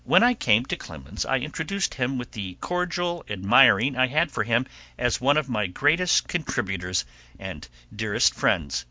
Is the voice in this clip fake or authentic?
authentic